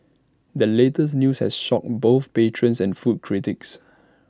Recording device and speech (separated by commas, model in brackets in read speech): standing microphone (AKG C214), read sentence